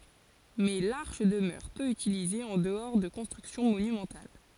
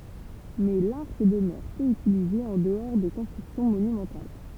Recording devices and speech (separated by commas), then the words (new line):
forehead accelerometer, temple vibration pickup, read sentence
Mais l'arche demeure peu utilisée en-dehors de constructions monumentales.